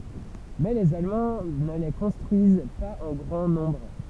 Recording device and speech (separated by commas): temple vibration pickup, read sentence